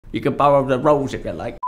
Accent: British accent